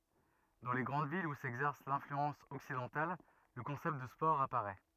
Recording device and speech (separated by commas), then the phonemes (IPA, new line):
rigid in-ear microphone, read sentence
dɑ̃ le ɡʁɑ̃d vilz u sɛɡzɛʁs lɛ̃flyɑ̃s ɔksidɑ̃tal lə kɔ̃sɛpt də spɔʁ apaʁɛ